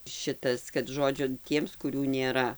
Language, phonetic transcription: Lithuanian, ˈšitas kad ˈžodžiu ˈtiems kuˈrių nėˈra

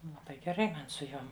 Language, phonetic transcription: Lithuanian, laˈbai geˈrai ˈman su ˈjom

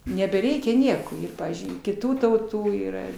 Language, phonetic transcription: Lithuanian, nebeˈreikia ˈnieko ir ˈpavyzdžiui kiˈtų tauˈtų yˈra

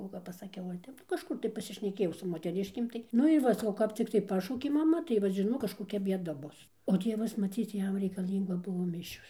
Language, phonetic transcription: Lithuanian, o kap pasaˈkiau va ˈtep nu kažˈkur tai pasišneˈkėjau su moteˈriškėm tai ˈnu ir ˈva saˈkau kap cikˈtai ˈpašaukė maˈma tai vat žiˈnok kažkoˈkia bieˈda ˈbus o ˈtievas maˈcyc ˈjam reikaˈlynga ˈbuvo ˈmišios

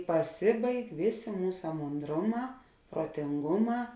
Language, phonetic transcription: Lithuanian, paˈsibaig ˈvėˌsė ˈmūsa monˈdroˌmā protinˈguˌmā

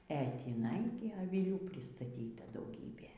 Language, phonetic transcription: Lithuanian, e tįˈnai gi aviˈlių pristaˈtyta dauˈgybė

